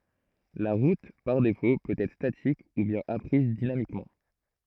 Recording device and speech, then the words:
throat microphone, read sentence
La route par défaut peut être statique ou bien apprise dynamiquement.

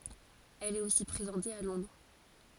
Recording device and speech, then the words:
forehead accelerometer, read sentence
Elle est aussi présentée à Londres.

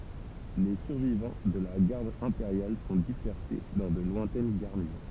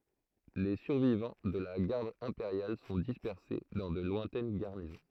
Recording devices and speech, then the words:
temple vibration pickup, throat microphone, read sentence
Les survivants de la Garde impériale sont dispersés dans de lointaines garnisons.

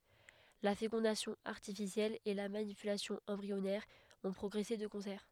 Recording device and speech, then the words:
headset microphone, read sentence
La fécondation artificielle et la manipulation embryonnaire ont progressé de concert.

